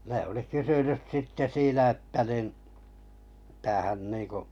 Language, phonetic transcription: Finnish, ne oli 'kysynys 'sitte 'siinä että nin , mitä hän 'niiŋku .
- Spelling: ne oli kysynyt sitten siinä että niin mitä hän niin kuin

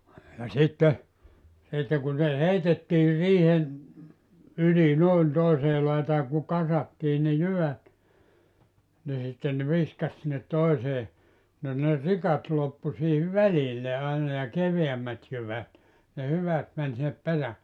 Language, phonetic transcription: Finnish, ja 'sitte , sitte kun se "heitettiir 'riihen , 'yli nòin 'toisee laitaa ku "kasattii ne "jyvät , ni sitten nᵉ 'viskas sinnet 'toisee , no ne "rikat 'loppu siihiv "välille aina ja 'keveämmät jyvät , ne 'hyvät män sinnep 'perä[lle] .
- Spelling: ja sitten sitten kun se heitettiin riihen yli noin toiseen laitaan kun kasattiin ne jyvät niin sitten ne viskasi sinne toiseen no ne rikat loppui siihen välille aina ja keveämmät jyvät ne hyvät meni sinne perälle

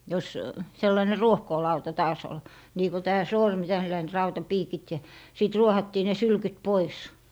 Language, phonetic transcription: Finnish, jos , 'sellaⁱne "ruohkoolauta 'taas ‿ol , nii ko tää "sormi tälläin 'rautapiikit ja , 'sìt 'ruohattii ne "sylkyt 'pois .
- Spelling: jos sellainen ruohkoolauta taas oli niin kun tämä sormi tällainen rautapiikit ja sitten ruohattiin ne sylkyt pois

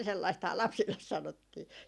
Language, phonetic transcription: Finnish, 'sellaisthaa "lapsilles 'sanottii .
- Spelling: sellaistahan lapsille sanottiin

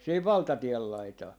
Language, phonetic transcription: Finnish, siihiv "valtatiel laitaa .
- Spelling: siihen valtatien laitaan

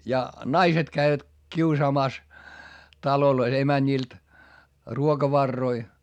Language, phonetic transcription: Finnish, ja , naiset käivät , kiusaamàs , talolois emäńìlt , ruokavarroi .
- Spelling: ja naiset kävivät kiusaamassa taloissa emänniltä ruokavaroja

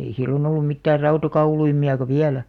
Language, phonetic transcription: Finnish, ei 'sillon ‿ollum mittäär "rautakauluimi₍aka "viälä .
- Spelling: ei silloin ollut mitään rautakauluimiakaan vielä

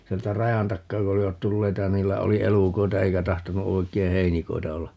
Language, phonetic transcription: Finnish, 'sieltä "rajan 'takkaa ku 'olivat "tulleita ja 'niillä 'oli "elukoita 'eikä 'tahtonu 'oi̮k̀ei "heinikoi̮ta 'olla .
- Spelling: sieltä rajan takaa kun olivat tulleita ja niillä oli elukoita eikä tahtonut oikein heinikoita olla

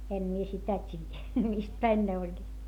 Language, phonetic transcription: Finnish, em mie sitä t́iijä , mist päin ne oĺ(ĺiit) .
- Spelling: en minä sitä tiedä mistä päin ne olivat

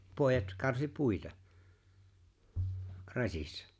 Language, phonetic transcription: Finnish, 'pòejat , 'karsi "puita , "raśissa .
- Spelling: pojat karsi puita rasissa

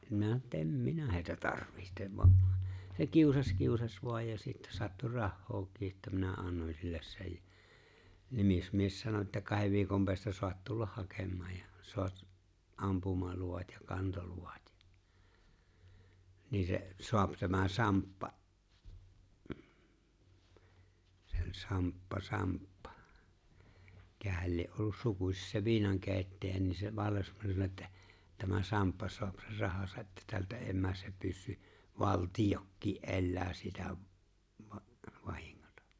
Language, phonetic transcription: Finnish, minä ‿että » "em "minä hèi̬tä 'tarvihtev « voa’ , se 'kiusas 'kiusas voaj ja sittä (sattu) 'rahhookii että minä 'annoń silles sej jᴀ̈ , 'nimismies 'sano että » 'kahev viikom peästä soat 'tullah 'hakem̆maaj ja , 'soat , '’ampumaluvat ja 'kantoluvat ja , 'ni se , 'soap tämä "Samppa « , ᴍ̥ , se o͕ĺ 'Samppa "Samppᴀ' 'mⁱkähäl lie’ '’ollus "sukuśis se 'vuinaŋkeeⁱittäjä ni se 'vallesmanni sano ettᴀ̈ , » 'tämä "Samppa soap (ser) 'rahasa’ ’että 'tältä eeⁱ 'määs se 'pyssy , "valtijokkii’ '’e̬llää (siltä) , va- , 'vahiŋŋᴏtᴀ « .
- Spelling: minä että en minä heitä tarvitse vaan se kiusasi kiusasi vain ja sitten sattui rahaakin että minä annoin sille sen ja nimismies sanoi että kahden viikon päästä saat tulla hakemaan ja saat ampumaluvat ja kantoluvat ja niin se saa tämä Samppa - se oli Samppa Samppa mikähän lie ollut sukuisin se viinankeittäjä niin se vallesmanni sanoi että tämä Samppa saa sen rahansa että tältä ei mene se pyssy valtiokin elää siltä - vahingot

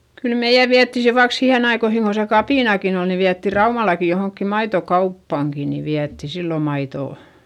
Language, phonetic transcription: Finnish, kyl meiʲä viätti se - vaik sihen ‿aikoihiŋ ko se kapìnakin ‿ol ni viätti Raumalaki johoŋkki maitokauppàŋki ni viätti sillo maitò .
- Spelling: kyllä meidän vietiin se vaikka siihen aikoihin kun se kapinakin oli niin vietiin Raumallakin johonkin maitokauppaankin niin vietiin silloin maitoa

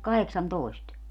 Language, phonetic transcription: Finnish, 'kaheksantòi̮st .
- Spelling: kahdeksantoista

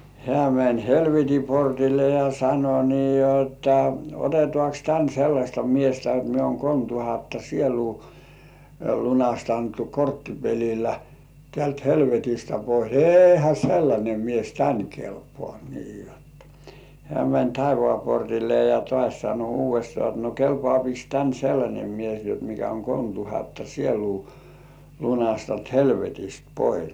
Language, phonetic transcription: Finnish, 'hĕä̀ mäń "helveti 'portille ja sano nii jotta , » 'otetŏàks "tän sellaśta 'miestä et mie uoŋ 'kolm tuhatta 'sieluu , lunastantu "korttipelilä , tĕä̀lt 'helvetistä pois « » 'èihä 'sellańe mies "tän 'kelpŏà « nii jotta , hĕä̀ mäń "taivŏà 'portille ja tŏàś sano uuv̆vestŏà ‿t » no kelpŏàpiks tän 'sellańe mies jot mikä oŋ kolmtuhatta 'sieluu , lunastant helvetist pois « .
- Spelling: hän meni helvetin portille ja sanoi niin jotta otetaankos tänne sellaista miestä että minä olen kolme tuhatta sielua lunastanut korttipelillä täältä helvetistä pois eihän sellainen mies tänne kelpaa niin jotta hän meni taivaan portille ja taas sanoi uudestaan että no kelpaakos tänne sellainen mies jotta mikä on kolmetuhatta sielua lunastanut helvetistä pois

